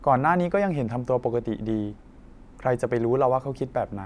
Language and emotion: Thai, neutral